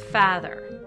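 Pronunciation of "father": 'father' is said in a Minnesota accent, with the ah sound moved further forward.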